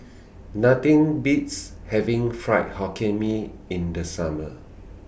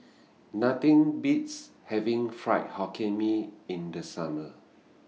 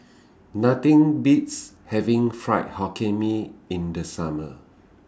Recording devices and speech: boundary microphone (BM630), mobile phone (iPhone 6), standing microphone (AKG C214), read sentence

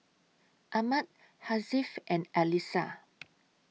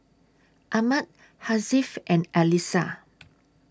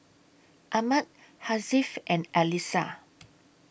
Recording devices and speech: mobile phone (iPhone 6), standing microphone (AKG C214), boundary microphone (BM630), read sentence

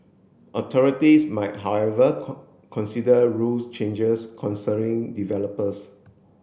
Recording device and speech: boundary microphone (BM630), read sentence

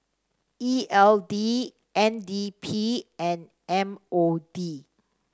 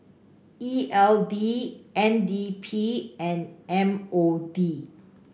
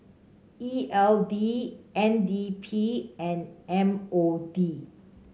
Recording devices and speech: standing microphone (AKG C214), boundary microphone (BM630), mobile phone (Samsung C5), read sentence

